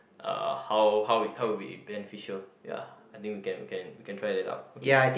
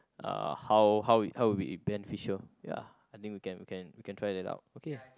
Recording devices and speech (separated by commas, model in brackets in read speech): boundary microphone, close-talking microphone, conversation in the same room